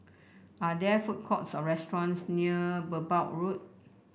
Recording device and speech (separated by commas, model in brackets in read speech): boundary microphone (BM630), read sentence